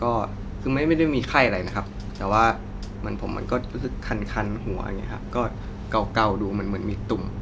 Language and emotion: Thai, neutral